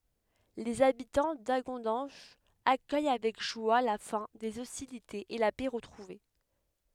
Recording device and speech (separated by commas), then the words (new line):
headset microphone, read sentence
Les habitants d’Hagondange accueillent avec joie la fin des hostilités et la paix retrouvée.